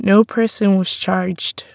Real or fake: real